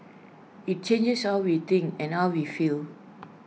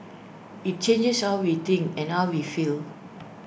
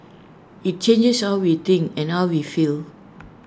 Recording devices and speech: mobile phone (iPhone 6), boundary microphone (BM630), standing microphone (AKG C214), read sentence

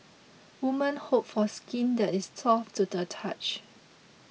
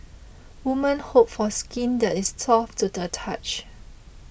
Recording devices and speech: mobile phone (iPhone 6), boundary microphone (BM630), read sentence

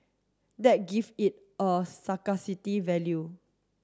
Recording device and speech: standing microphone (AKG C214), read sentence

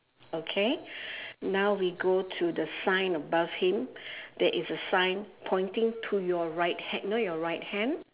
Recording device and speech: telephone, conversation in separate rooms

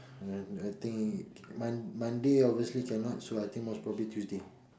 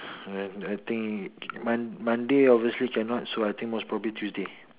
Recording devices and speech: standing microphone, telephone, conversation in separate rooms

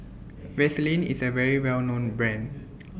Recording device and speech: boundary microphone (BM630), read sentence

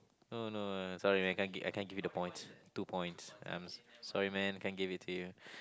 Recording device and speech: close-talking microphone, conversation in the same room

